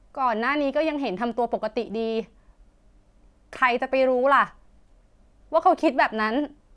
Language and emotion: Thai, angry